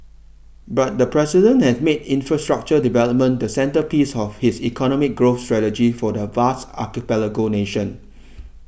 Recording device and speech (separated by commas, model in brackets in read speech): boundary microphone (BM630), read sentence